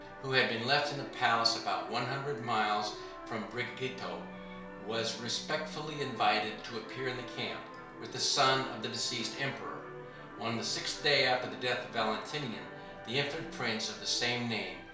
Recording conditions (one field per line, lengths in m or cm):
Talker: one person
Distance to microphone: 1.0 m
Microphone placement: close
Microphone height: 1.1 m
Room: small (3.7 m by 2.7 m)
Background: television